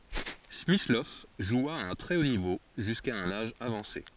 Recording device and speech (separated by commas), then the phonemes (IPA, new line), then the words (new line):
forehead accelerometer, read sentence
smislɔv ʒwa a œ̃ tʁɛ o nivo ʒyska œ̃n aʒ avɑ̃se
Smyslov joua à un très haut niveau jusqu'à un âge avancé.